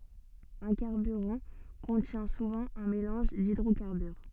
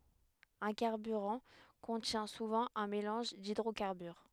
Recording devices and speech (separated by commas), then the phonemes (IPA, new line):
soft in-ear microphone, headset microphone, read sentence
œ̃ kaʁbyʁɑ̃ kɔ̃tjɛ̃ suvɑ̃ œ̃ melɑ̃ʒ didʁokaʁbyʁ